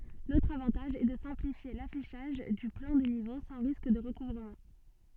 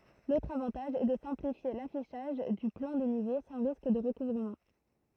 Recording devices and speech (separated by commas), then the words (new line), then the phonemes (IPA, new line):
soft in-ear microphone, throat microphone, read sentence
L’autre avantage est de simplifier l’affichage du plan des niveaux sans risque de recouvrement.
lotʁ avɑ̃taʒ ɛ də sɛ̃plifje lafiʃaʒ dy plɑ̃ de nivo sɑ̃ ʁisk də ʁəkuvʁəmɑ̃